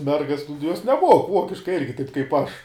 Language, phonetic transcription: Lithuanian, ˈmergas nu juos neˈmuok ˈvuokiškai ˈirgi taip kaip ˈaš

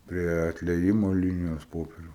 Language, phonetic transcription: Lithuanian, ˈprie atlieˈjimo ˈlinijos ˈpoperiu

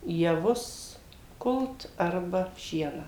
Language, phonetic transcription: Lithuanian, jaˈvus ˈkult ˈarba ˈšieną

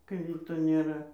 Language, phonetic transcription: Lithuanian, kai ˈvyto nėˈra

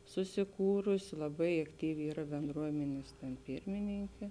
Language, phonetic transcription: Lithuanian, susiˈkūrusi laˈbai akˈtyvi ˈyra benˈdruomenės ten ˈpirmininkė

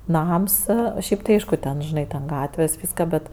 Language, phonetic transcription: Lithuanian, ˈnams ˈšiaip tai ˈaišku ten ˈžinai ten ˈgatvės ˈvyska ˈbet

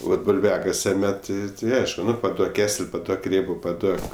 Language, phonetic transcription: Lithuanian, ˈvat bulˈviakase ˈmet ti ˈaišku ˈnu paˈduok ˈkesel' paˈduok ˈrėbo paˈduok

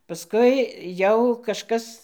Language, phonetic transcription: Lithuanian, paˈskui ˈjau kažˈkas

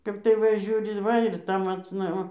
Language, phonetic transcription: Lithuanian, ˈkap tai ˈva ˈžiūri ˈva ir ˈta macˈna va

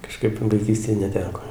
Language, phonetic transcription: Lithuanian, kaˈžkaip vaiˈkystėj neˈteko

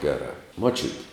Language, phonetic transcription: Lithuanian, ˈgerā muoˈčiuti

